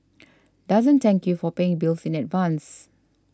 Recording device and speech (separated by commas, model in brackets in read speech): standing microphone (AKG C214), read sentence